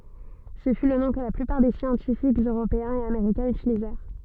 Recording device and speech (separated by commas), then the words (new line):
soft in-ear microphone, read sentence
Ce fut le nom que la plupart des scientifiques européens et américains utilisèrent.